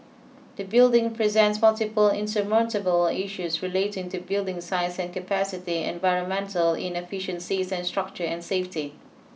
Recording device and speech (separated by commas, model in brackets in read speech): mobile phone (iPhone 6), read sentence